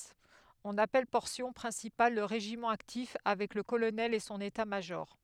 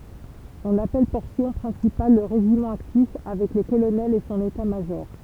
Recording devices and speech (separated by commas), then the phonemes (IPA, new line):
headset microphone, temple vibration pickup, read sentence
ɔ̃n apɛl pɔʁsjɔ̃ pʁɛ̃sipal lə ʁeʒimɑ̃ aktif avɛk lə kolonɛl e sɔ̃n etatmaʒɔʁ